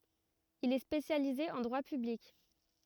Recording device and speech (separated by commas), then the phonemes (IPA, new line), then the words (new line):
rigid in-ear microphone, read sentence
il ɛ spesjalize ɑ̃ dʁwa pyblik
Il est spécialisé en droit public.